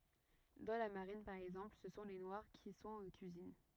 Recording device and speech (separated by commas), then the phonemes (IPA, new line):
rigid in-ear microphone, read sentence
dɑ̃ la maʁin paʁ ɛɡzɑ̃pl sə sɔ̃ le nwaʁ ki sɔ̃t o kyizin